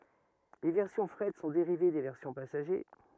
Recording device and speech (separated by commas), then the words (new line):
rigid in-ear microphone, read sentence
Les versions fret sont dérivées des versions passagers.